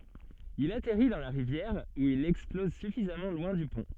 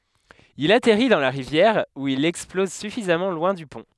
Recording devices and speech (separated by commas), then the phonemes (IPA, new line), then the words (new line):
soft in-ear microphone, headset microphone, read sentence
il atɛʁi dɑ̃ la ʁivjɛʁ u il ɛksplɔz syfizamɑ̃ lwɛ̃ dy pɔ̃
Il atterrit dans la rivière où il explose suffisamment loin du pont.